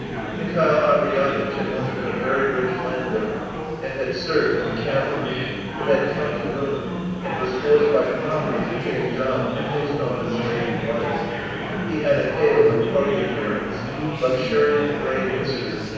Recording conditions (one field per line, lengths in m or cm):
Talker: one person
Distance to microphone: 7.1 m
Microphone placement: far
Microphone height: 1.7 m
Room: very reverberant, large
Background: babble